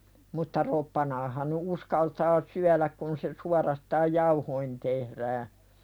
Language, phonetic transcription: Finnish, mutta "roppanaahaⁿ nu̳ '’uskaltaa "syäläk kun se 'suarastaaj "jauhoin tehðää .
- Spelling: mutta roppanaahan nyt uskaltaa syödä kun se suorastaan jauhoihin tehdään

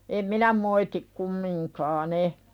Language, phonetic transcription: Finnish, em "minä moitik kummiŋkaa'n ‿e .
- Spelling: en minä moiti kumminkaan en

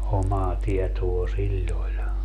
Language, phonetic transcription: Finnish, "omaa tiɛtoo "siĺĺ ‿oĺ .
- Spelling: omaa tietoa sillä oli

